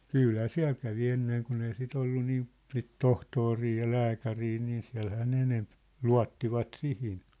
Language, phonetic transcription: Finnish, kỳlhä "siä̭l kävi 'enneŋ kun ‿ei si't ‿ollu 'niim̳ , sit "tohtori ja "lääkärii nii 'siä̭lhää ne 'enemp , "lua̭ttivat "sihin .
- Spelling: kyllähän siellä kävi ennen kun ei sitä ollut niin sitten tohtori ja lääkäri niin siellähän ne enempi luottivat siihen

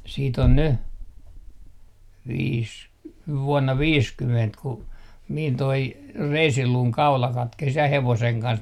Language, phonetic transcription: Finnish, siit ‿on ny , viis , 'vuɔnna 'viiskyment ku , min toi , "reisiluuŋ 'kaula 'katkes 'ja 'hevoseŋ 'kans .
- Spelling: sitten on nyt viisi vuonna viisikymmentä kun minun tuo reisiluun kaula katkesi ja hevosen kanssa

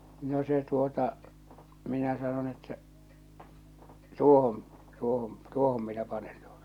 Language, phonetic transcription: Finnish, no se tuota , 'minä sanon että , » 'tuohon , 'tuohon , 'tuohom minä panen tᴜᴏtᴀ « .
- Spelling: no se tuota minä sanon että tuohon tuohon tuohon minä panen tuota

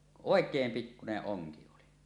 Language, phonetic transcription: Finnish, 'òek̀eem 'pikkuneˀ 'ˀoŋki oli .
- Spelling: oikein pikkuinen onki oli

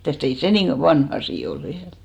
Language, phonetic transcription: Finnish, 'mitä̀st ‿ei 'se nin̬ "vanh ‿asì ol 'viäl .
- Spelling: mitäs ei se niin vanha asia ole vielä

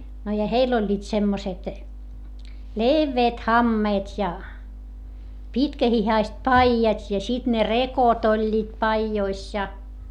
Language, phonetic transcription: Finnish, no ja heill ‿oĺĺiit semmoset , levveet hammeet́ ja , pitkähihaist paijat́ ja sit ne rekot ‿oĺĺiit paijois ja .
- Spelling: no ja heillä olivat semmoiset leveät hameet ja pitkähihaiset paidat ja sitten ne rekot olivat paidoissa ja

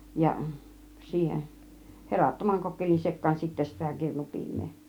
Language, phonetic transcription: Finnish, ja 'siihen , 'herattomaŋ 'kokkelin 'sek̆kaan sittä sitä 'kirnu 'pi̬im̆mee .
- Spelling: ja siihen herattoman kokkelin sekaan sitten sitä - kirnupiimää

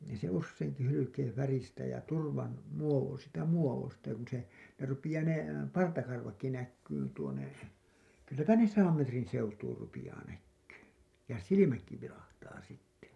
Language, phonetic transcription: Finnish, nii se usseiŋki hylykeeḛ färistä ja 'turvan , muovo- , siitä 'muovosta ja kun se , ne rupiʲaa ne , 'partakarvakki näkkyyn tuone , kylläpä ne "saam 'metrin̬ 'seutuur rupijaa näkkYY , ja "silimäkki vilahtaa sitte .
- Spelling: niin se useinkin hylkeen väristä ja turvan - siitä muodosta ja kun se ne rupeaa ne partakarvatkin näkymään tuonne kylläpä ne sadan metrin seutuun rupeaa näkymään ja silmätkin vilahtaa sitten

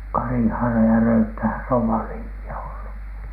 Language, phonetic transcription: Finnish, 'Karihaara ja 'Röyttähän sĕ ov "vanhiimpi₍a ollu .
- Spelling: Karihaara ja Röyttähän se on vanhimpia ollut

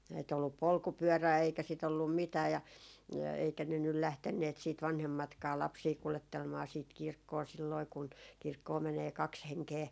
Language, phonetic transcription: Finnish, ei ‿t ‿ollup "polkupyörää eikä sit ‿ollum "mitää ja , eikä ne nyl 'lähtenneet siit 'vanhemmatkaa 'lapsii kulettelmaa siit 'kirkkoo silloi 'kun , 'kirkkoo 'menee "kaks 'heŋkee .
- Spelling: ei - ollut polkupyörää eikä sitä ollut mitään ja eikä ne nyt lähteneet sitten vanhemmatkaan lapsia kuljettelemaan sitten kirkkoon silloin kun kirkkoon menee kaksi henkeä

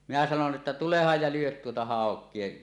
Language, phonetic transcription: Finnish, minä sanon ’että » "tulehaj ja 'lyot 'tuota "hàok̀ie « .
- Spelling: minä sanoin että tulehan ja lyö tuota haukea

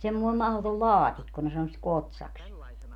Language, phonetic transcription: Finnish, semmoi 'mahlotol "laatikko ne 'sano sit "kotsaks .
- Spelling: semmoinen mahdoton laatikko ne sanoi sitä kotsaksi

